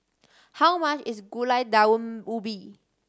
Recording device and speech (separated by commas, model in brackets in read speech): standing microphone (AKG C214), read sentence